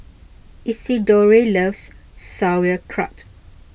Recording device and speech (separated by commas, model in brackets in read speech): boundary microphone (BM630), read sentence